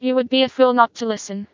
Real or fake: fake